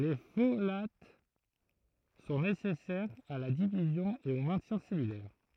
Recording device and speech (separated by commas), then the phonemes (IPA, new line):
throat microphone, read sentence
le folat sɔ̃ nesɛsɛʁz a la divizjɔ̃ e o mɛ̃tjɛ̃ sɛlylɛʁ